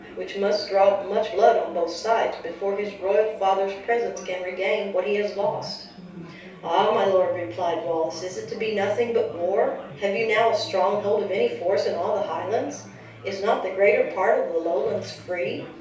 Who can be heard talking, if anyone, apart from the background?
One person.